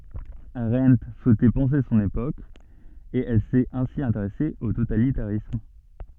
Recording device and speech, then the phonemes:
soft in-ear microphone, read sentence
aʁɑ̃t suɛtɛ pɑ̃se sɔ̃n epok e ɛl sɛt ɛ̃si ɛ̃teʁɛse o totalitaʁism

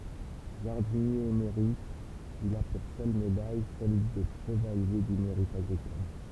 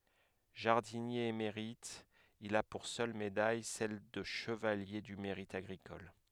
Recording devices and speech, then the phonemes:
temple vibration pickup, headset microphone, read sentence
ʒaʁdinje emeʁit il a puʁ sœl medaj sɛl də ʃəvalje dy meʁit aɡʁikɔl

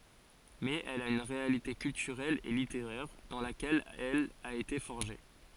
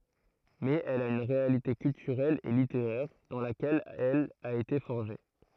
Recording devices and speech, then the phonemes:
forehead accelerometer, throat microphone, read sentence
mɛz ɛl a yn ʁealite kyltyʁɛl e liteʁɛʁ dɑ̃ lakɛl ɛl a ete fɔʁʒe

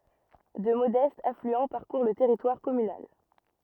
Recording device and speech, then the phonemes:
rigid in-ear microphone, read sentence
dø modɛstz aflyɑ̃ paʁkuʁ lə tɛʁitwaʁ kɔmynal

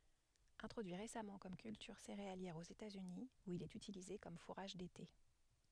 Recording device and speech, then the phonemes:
headset microphone, read sentence
ɛ̃tʁodyi ʁesamɑ̃ kɔm kyltyʁ seʁealjɛʁ oz etatsyni u il ɛt ytilize kɔm fuʁaʒ dete

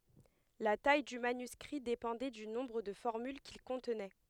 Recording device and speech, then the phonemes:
headset microphone, read sentence
la taj dy manyskʁi depɑ̃dɛ dy nɔ̃bʁ də fɔʁmyl kil kɔ̃tnɛ

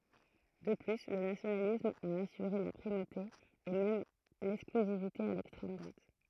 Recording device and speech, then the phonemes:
throat microphone, read sentence
də ply lə nasjonalism a asyʁe la pʁimote e mɛm lɛksklyzivite a lɛkstʁɛm dʁwat

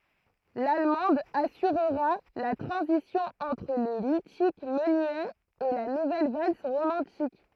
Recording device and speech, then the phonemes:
throat microphone, read sentence
lalmɑ̃d asyʁʁa la tʁɑ̃zisjɔ̃ ɑ̃tʁ lə mitik mənyɛ e la nuvɛl vals ʁomɑ̃tik

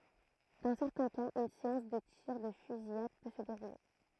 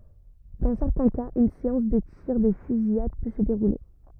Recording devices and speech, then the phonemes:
throat microphone, rigid in-ear microphone, read sentence
dɑ̃ sɛʁtɛ̃ kaz yn seɑ̃s də tiʁ də fyzijad pø sə deʁule

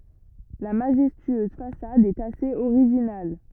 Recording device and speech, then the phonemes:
rigid in-ear microphone, read sentence
la maʒɛstyøz fasad ɛt asez oʁiʒinal

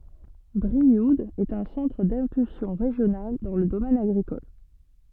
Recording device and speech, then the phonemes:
soft in-ear microphone, read sentence
bʁiud ɛt œ̃ sɑ̃tʁ dɛ̃pylsjɔ̃ ʁeʒjonal dɑ̃ lə domɛn aɡʁikɔl

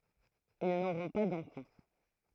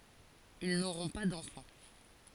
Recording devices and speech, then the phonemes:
throat microphone, forehead accelerometer, read sentence
il noʁɔ̃ pa dɑ̃fɑ̃

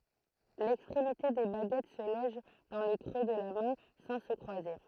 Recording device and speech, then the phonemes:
throat microphone, read sentence
lɛkstʁemite de baɡɛt sə lɔʒ dɑ̃ lə kʁø də la mɛ̃ sɑ̃ sə kʁwaze

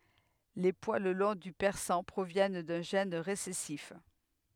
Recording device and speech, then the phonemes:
headset microphone, read sentence
le pwal lɔ̃ dy pɛʁsɑ̃ pʁovjɛn dœ̃ ʒɛn ʁesɛsif

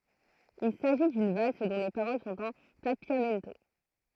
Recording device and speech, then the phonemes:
throat microphone, read sentence
il saʒi dyn vals dɔ̃ le paʁol sɔ̃t ɑ̃ papjamɛnto

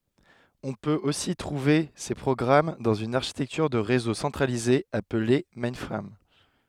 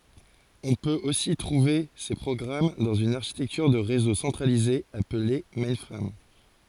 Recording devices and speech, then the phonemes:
headset microphone, forehead accelerometer, read sentence
ɔ̃ pøt osi tʁuve se pʁɔɡʁam dɑ̃z yn aʁʃitɛktyʁ də ʁezo sɑ̃tʁalize aple mɛ̃fʁam

